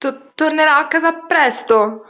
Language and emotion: Italian, fearful